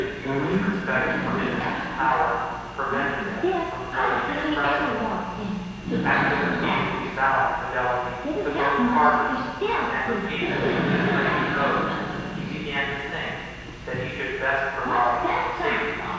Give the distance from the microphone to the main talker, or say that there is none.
7.1 m.